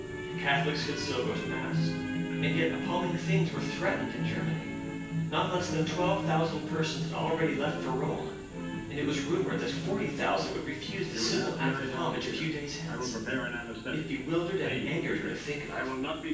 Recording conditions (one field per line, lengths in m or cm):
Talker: one person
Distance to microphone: 9.8 m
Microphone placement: far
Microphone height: 1.8 m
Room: large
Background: television